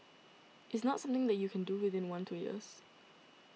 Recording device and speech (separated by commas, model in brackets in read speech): mobile phone (iPhone 6), read sentence